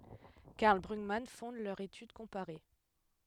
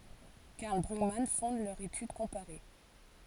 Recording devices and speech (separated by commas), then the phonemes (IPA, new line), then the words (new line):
headset microphone, forehead accelerometer, read sentence
kaʁl bʁyɡman fɔ̃d lœʁ etyd kɔ̃paʁe
Karl Brugmann fonde leur étude comparée.